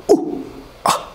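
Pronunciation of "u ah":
A complete glottal stop is heard in 'u ah'.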